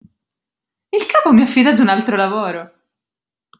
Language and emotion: Italian, surprised